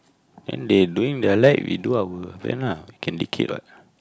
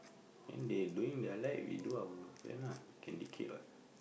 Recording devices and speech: close-talking microphone, boundary microphone, conversation in the same room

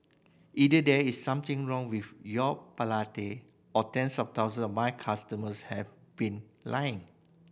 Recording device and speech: boundary microphone (BM630), read sentence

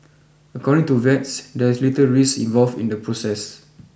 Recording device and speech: boundary microphone (BM630), read sentence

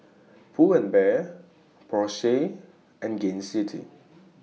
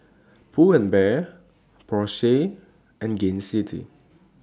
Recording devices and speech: mobile phone (iPhone 6), standing microphone (AKG C214), read sentence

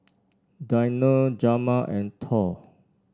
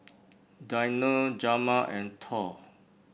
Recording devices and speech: standing microphone (AKG C214), boundary microphone (BM630), read sentence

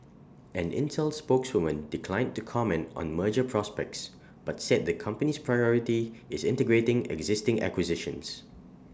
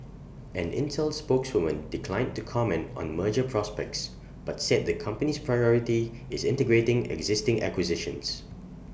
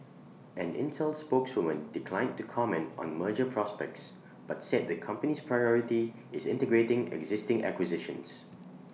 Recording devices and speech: standing microphone (AKG C214), boundary microphone (BM630), mobile phone (iPhone 6), read sentence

